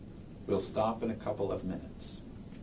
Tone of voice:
neutral